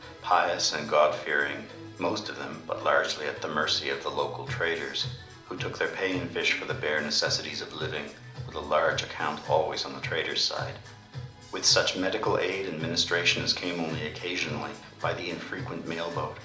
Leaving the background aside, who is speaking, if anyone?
One person.